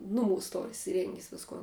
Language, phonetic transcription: Lithuanian, nuˈmūs ˈtor isiˈrengis ˈviskon

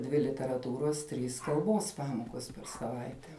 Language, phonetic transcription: Lithuanian, ˈdvi literaˈtūros ˈtrys kalˈbos ˈpamokos per saˈvaite

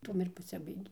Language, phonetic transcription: Lithuanian, ˈtuom ir paˈsibaigė

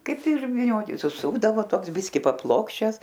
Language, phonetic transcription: Lithuanian, ˈkaip ir vyˈnioti suˈsukdavo ˈtoks ˈbiski paˈplokščias

